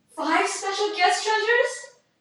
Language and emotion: English, fearful